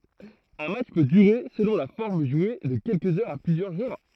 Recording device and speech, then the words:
throat microphone, read sentence
Un match peut durer, selon la forme jouée, de quelques heures à plusieurs jours.

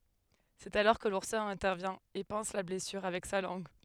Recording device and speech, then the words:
headset microphone, read sentence
C'est alors que l'ourson intervient et panse la blessure avec sa langue.

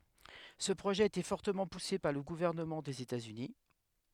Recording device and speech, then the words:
headset microphone, read sentence
Ce projet a été fortement poussé par le gouvernement des États-Unis.

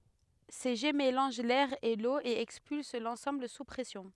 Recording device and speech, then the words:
headset microphone, read sentence
Ces jets mélangent l’air et l’eau et expulsent l’ensemble sous pression.

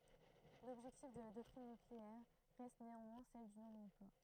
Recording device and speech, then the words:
throat microphone, read sentence
L'objectif de la doctrine nucléaire reste néanmoins celle du non-emploi.

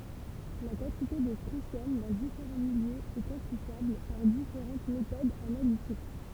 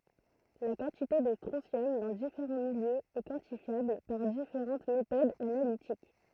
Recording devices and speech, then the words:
temple vibration pickup, throat microphone, read sentence
La quantité de strontium dans différents milieux est quantifiable par différentes méthodes analytiques.

